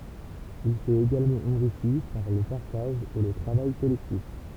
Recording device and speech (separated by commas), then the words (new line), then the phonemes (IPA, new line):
temple vibration pickup, read sentence
Il s'est également enrichi par le partage et le travail collectif.
il sɛt eɡalmɑ̃ ɑ̃ʁiʃi paʁ lə paʁtaʒ e lə tʁavaj kɔlɛktif